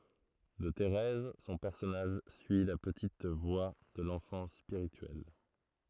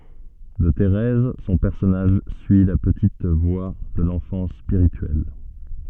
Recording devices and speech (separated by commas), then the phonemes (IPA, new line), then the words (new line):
throat microphone, soft in-ear microphone, read sentence
də teʁɛz sɔ̃ pɛʁsɔnaʒ syi la pətit vwa də lɑ̃fɑ̃s spiʁityɛl
De Thérèse, son personnage suit la petite voie de l'enfance spirituelle.